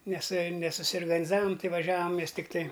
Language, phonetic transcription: Lithuanian, ˈnes nesusiorganiˈzavam ˈtai vaˈžiavam ˈmes tikˈtai

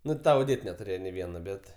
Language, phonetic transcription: Lithuanian, ˈnu ta oˈdėt netuˈrėje nė ˈviena ˈbet

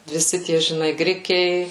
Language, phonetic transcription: Lithuanian, viˈsi ˈtie žiˈnai ˈgrikiai

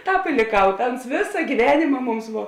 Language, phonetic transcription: Lithuanian, ˈtāp i lėˈkau ˈta ˈuns ˈvėsa gyˈvenėma ˈmums ˈvo

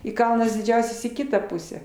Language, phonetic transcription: Lithuanian, i ˈkalnas diˈdžiausias į ˈkitą ˈpusę

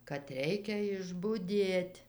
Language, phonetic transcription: Lithuanian, kad ˈreikia išbuˈdėt'

